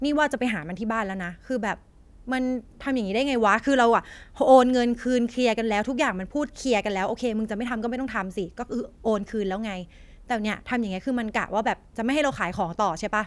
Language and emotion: Thai, frustrated